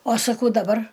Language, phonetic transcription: Lithuanian, o saˈkau daˈbar

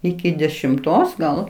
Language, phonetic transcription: Lithuanian, ˈiki dešimˈtos gal

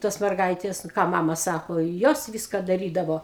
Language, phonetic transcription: Lithuanian, ˈtos merˈgaitės nu ˈką ˈmama ˈsako i ˈjos ˈviska daˈrydavo

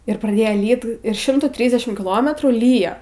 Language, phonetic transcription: Lithuanian, ir praˈdėjo ˈlyt ir ˈšimtų ˈtrysdešim kiˈlometrų ˈlyjo

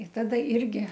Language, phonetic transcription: Lithuanian, i ˈtada ˈirgi

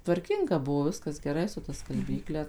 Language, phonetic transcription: Lithuanian, tvarˈkinga ˈbuvo ˈviskas geˈrai su ta skalˈbykle

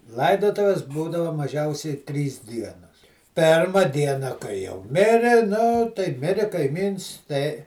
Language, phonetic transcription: Lithuanian, ˈlaidotuvis ˈbūdava maˈžiausiai ˈtrys ˈdienos ˈpėrma ˈdiena kai jau ˈmiri nu tai ˈmiri kaiˈmyns tai

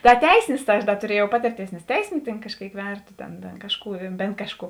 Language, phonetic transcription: Lithuanian, da ˈteisinis tai ˈaš da tuˈriejau ˈpatirˌtėis nes ˈteisiniu tėn kažˈkėik ˈverto ˈtėn tėn ˈkažˌkų ˈbėn kažˌkų

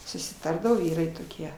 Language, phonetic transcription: Lithuanian, susiˈtardavo ˈvyrai toˈkie

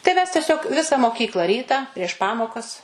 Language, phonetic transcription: Lithuanian, tai ˈmes teˈsiog ˈvisa moˈkykla ˈryta prieš ˈpamokas

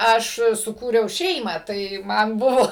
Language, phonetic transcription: Lithuanian, ˈaš suˈkūriau ˈšeimą ˈtai ˈman ˈbuvo

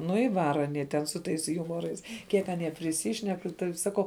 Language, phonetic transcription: Lithuanian, ˈnu i ˈvara aˈnie ten su ˈtais ˈjumorais ˈkiek aˈnie priˈsyšnek tai saˈkau

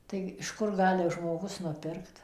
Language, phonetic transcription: Lithuanian, ˌtai iš ˈkur ˈgali žmoˈgus nuˈpirkt

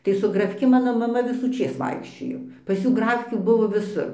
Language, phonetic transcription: Lithuanian, tai su graˈfki ˈmano maˈma visųˈčės ˈvaikščiojo pas ˈjų ˈgrafkių ˈbuvo viˈsur

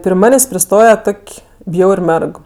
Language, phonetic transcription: Lithuanian, pri ˈmanės' priˈstoje ˈtok' ˈbjaur' ˈmerg

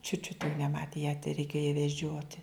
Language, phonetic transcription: Lithuanian, čiut čiut jau neˈmatė ją tereiˈkėjo ja veˈdžioti

